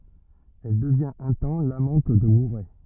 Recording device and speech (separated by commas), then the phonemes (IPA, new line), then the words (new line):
rigid in-ear microphone, read sentence
ɛl dəvjɛ̃t œ̃ tɑ̃ lamɑ̃t də muʁɛ
Elle devient un temps l'amante de Mouret.